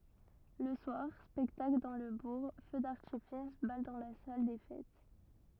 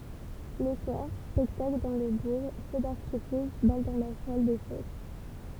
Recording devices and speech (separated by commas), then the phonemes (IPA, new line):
rigid in-ear microphone, temple vibration pickup, read sentence
lə swaʁ spɛktakl dɑ̃ lə buʁ fø daʁtifis bal dɑ̃ la sal de fɛt